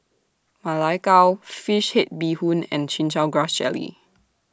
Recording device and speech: standing microphone (AKG C214), read sentence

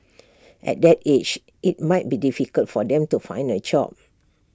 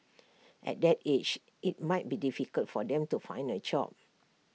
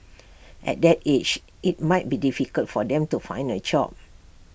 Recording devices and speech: standing microphone (AKG C214), mobile phone (iPhone 6), boundary microphone (BM630), read sentence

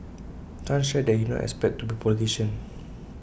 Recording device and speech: boundary microphone (BM630), read sentence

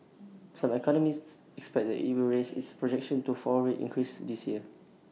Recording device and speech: mobile phone (iPhone 6), read sentence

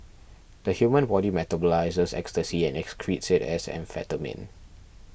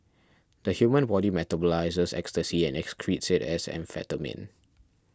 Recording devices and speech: boundary microphone (BM630), standing microphone (AKG C214), read sentence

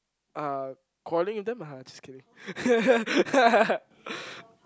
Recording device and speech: close-talking microphone, conversation in the same room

